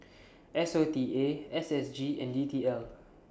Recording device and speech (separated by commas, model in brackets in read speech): standing microphone (AKG C214), read sentence